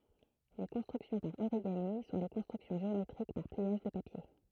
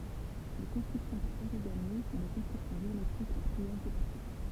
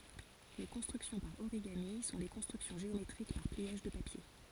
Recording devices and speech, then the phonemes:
throat microphone, temple vibration pickup, forehead accelerometer, read sentence
le kɔ̃stʁyksjɔ̃ paʁ oʁiɡami sɔ̃ le kɔ̃stʁyksjɔ̃ ʒeometʁik paʁ pliaʒ də papje

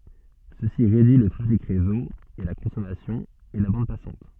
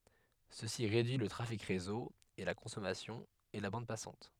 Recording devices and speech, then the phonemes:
soft in-ear microphone, headset microphone, read sentence
səsi ʁedyi lə tʁafik ʁezo e la kɔ̃sɔmasjɔ̃ e la bɑ̃d pasɑ̃t

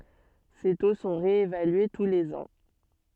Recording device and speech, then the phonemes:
soft in-ear microphone, read sentence
se to sɔ̃ ʁeevalye tu lez ɑ̃

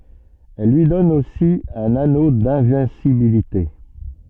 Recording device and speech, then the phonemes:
soft in-ear microphone, read sentence
ɛl lyi dɔn osi œ̃n ano dɛ̃vɛ̃sibilite

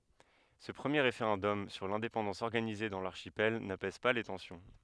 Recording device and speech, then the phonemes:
headset microphone, read sentence
sə pʁəmje ʁefeʁɑ̃dɔm syʁ lɛ̃depɑ̃dɑ̃s ɔʁɡanize dɑ̃ laʁʃipɛl napɛz pa le tɑ̃sjɔ̃

